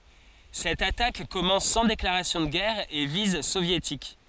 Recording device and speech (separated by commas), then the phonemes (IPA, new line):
forehead accelerometer, read sentence
sɛt atak kɔmɑ̃s sɑ̃ deklaʁasjɔ̃ də ɡɛʁ a e viz sovjetik